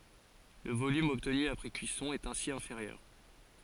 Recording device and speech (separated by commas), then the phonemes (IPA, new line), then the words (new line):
forehead accelerometer, read sentence
lə volym ɔbtny apʁɛ kyisɔ̃ ɛt ɛ̃si ɛ̃feʁjœʁ
Le volume obtenu après cuisson est ainsi inférieur.